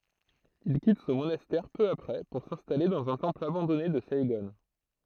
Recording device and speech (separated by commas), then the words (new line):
throat microphone, read sentence
Il quitte son monastère peu après pour s'installer dans un temple abandonné de Saïgon.